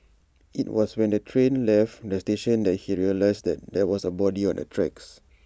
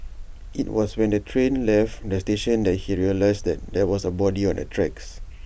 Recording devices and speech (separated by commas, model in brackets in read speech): standing microphone (AKG C214), boundary microphone (BM630), read sentence